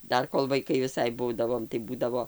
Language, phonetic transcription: Lithuanian, ˈdar kol vaiˈkai viˈsai ˈbūdavom tai ˈbūdavo

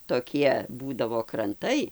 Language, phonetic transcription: Lithuanian, toˈkie ˈbūdavo kranˈtai

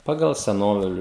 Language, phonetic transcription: Lithuanian, ˈpagal seˈnoviliu

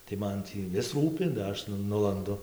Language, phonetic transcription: Lithuanian, tai ˈman tį ˈvis ˈrūpi da ˈaš nu ˈnulandu

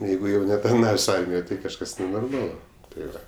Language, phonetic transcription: Lithuanian, ˈjeigu jau netarˈnavės' ˈarmijoj tai kažˈkas nenorˈmalu tai ˈva

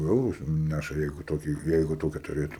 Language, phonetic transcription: Lithuanian, ˈeuru ˈnæša ˈjeigu ˈtokį ˈjeigu ˈtokia tuˈrėtum

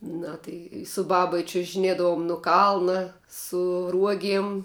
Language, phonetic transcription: Lithuanian, ˈna tai su ˈbaba i čiužiˈnėdavum nu ˈkalna su ˈruogiem

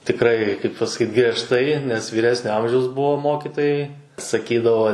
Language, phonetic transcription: Lithuanian, tikˈrai kaip pasaˈkyt griežˈtai nes vyˈresnio ˈamžiaus ˈbuo ˈmokitojai saˈkydavo

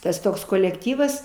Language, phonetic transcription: Lithuanian, ˈtas ˈtoks kolekˈtyvas

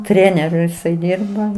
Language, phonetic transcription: Lithuanian, ˈtreneriu jiˈsai ˈdirba

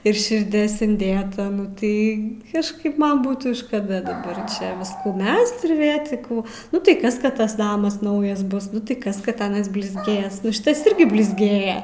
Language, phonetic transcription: Lithuanian, ir širˈdės inˈdėta nu ˈtai kažˈkaip ˈman ˈbūtų škaˈda daˈbar ˈčia ˈviskų ˈmest ir vė ti ˈkų ˈnu tai ˈkas ˈkad ˈtas ˈnamas ˈnaujas ˈbus ˈnu tai ˈkas kad ˈanas blizˈgės ˈnu ˈšitas ˈirgi blizˈgėja

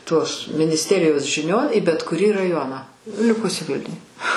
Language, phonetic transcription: Lithuanian, tos minisˈterijos žiˈnion į bet kuˈrį raˈjoną ˈlikusi ˈvilniuj

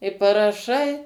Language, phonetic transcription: Lithuanian, i paraˈšai

